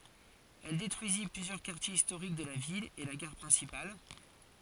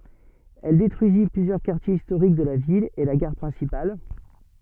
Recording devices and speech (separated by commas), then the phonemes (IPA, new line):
forehead accelerometer, soft in-ear microphone, read sentence
ɛl detʁyizi plyzjœʁ kaʁtjez istoʁik də la vil e la ɡaʁ pʁɛ̃sipal